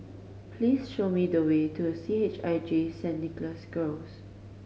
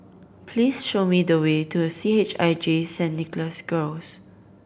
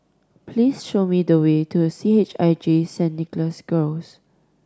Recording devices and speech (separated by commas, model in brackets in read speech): mobile phone (Samsung C5010), boundary microphone (BM630), standing microphone (AKG C214), read sentence